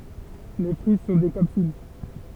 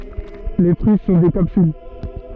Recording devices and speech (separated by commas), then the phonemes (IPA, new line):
temple vibration pickup, soft in-ear microphone, read sentence
le fʁyi sɔ̃ de kapsyl